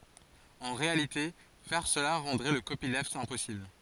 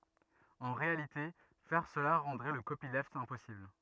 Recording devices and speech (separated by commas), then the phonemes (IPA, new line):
forehead accelerometer, rigid in-ear microphone, read sentence
ɑ̃ ʁealite fɛʁ səla ʁɑ̃dʁɛ lə kopilft ɛ̃pɔsibl